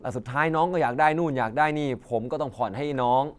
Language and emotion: Thai, frustrated